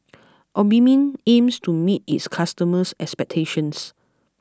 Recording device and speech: close-talking microphone (WH20), read sentence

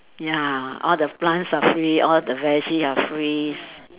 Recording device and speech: telephone, conversation in separate rooms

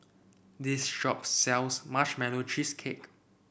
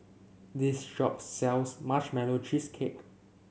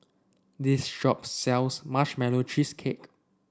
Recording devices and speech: boundary microphone (BM630), mobile phone (Samsung C7), standing microphone (AKG C214), read sentence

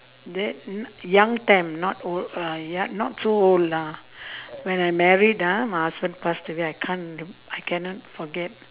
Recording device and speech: telephone, conversation in separate rooms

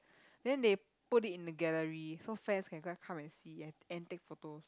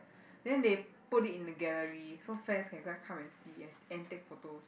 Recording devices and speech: close-talking microphone, boundary microphone, conversation in the same room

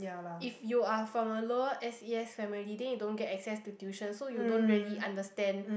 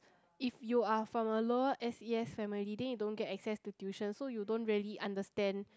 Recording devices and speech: boundary microphone, close-talking microphone, conversation in the same room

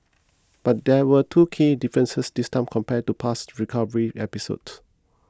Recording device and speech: close-talking microphone (WH20), read sentence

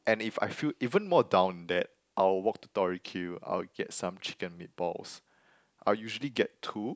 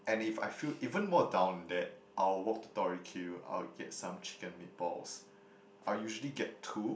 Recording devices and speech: close-talking microphone, boundary microphone, conversation in the same room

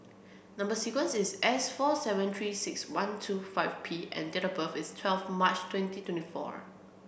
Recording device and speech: boundary microphone (BM630), read sentence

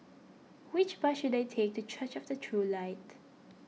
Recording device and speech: mobile phone (iPhone 6), read sentence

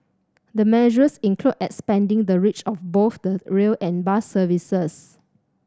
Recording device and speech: standing microphone (AKG C214), read sentence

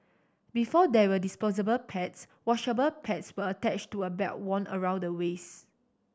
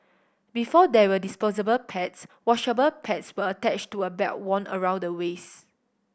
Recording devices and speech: standing microphone (AKG C214), boundary microphone (BM630), read sentence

